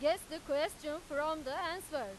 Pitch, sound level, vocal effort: 305 Hz, 101 dB SPL, very loud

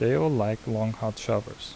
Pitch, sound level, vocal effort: 110 Hz, 77 dB SPL, soft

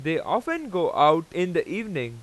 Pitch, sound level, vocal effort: 170 Hz, 96 dB SPL, very loud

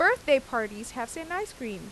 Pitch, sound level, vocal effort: 255 Hz, 91 dB SPL, loud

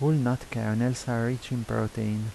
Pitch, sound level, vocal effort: 120 Hz, 80 dB SPL, soft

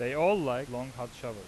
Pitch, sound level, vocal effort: 125 Hz, 92 dB SPL, loud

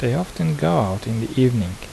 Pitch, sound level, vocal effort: 120 Hz, 77 dB SPL, soft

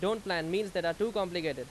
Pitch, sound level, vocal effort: 185 Hz, 93 dB SPL, very loud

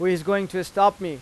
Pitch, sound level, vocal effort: 185 Hz, 95 dB SPL, loud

